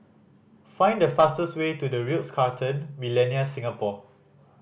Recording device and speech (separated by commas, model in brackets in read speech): boundary microphone (BM630), read sentence